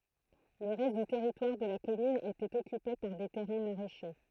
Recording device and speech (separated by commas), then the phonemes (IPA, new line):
throat microphone, read sentence
lə ʁɛst dy tɛʁitwaʁ də la kɔmyn etɛt ɔkype paʁ de tɛʁɛ̃ maʁɛʃe